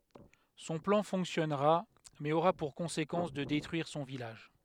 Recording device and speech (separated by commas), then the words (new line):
headset microphone, read sentence
Son plan fonctionnera, mais aura pour conséquence de détruire son village.